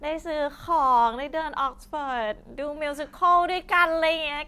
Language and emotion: Thai, happy